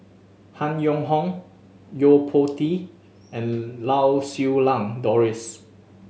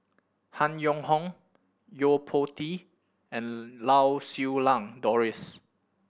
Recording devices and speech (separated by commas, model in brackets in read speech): mobile phone (Samsung S8), boundary microphone (BM630), read sentence